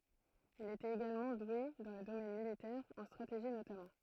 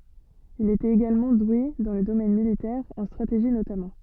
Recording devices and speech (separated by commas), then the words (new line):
throat microphone, soft in-ear microphone, read sentence
Il était également doué dans le domaine militaire, en stratégie notamment.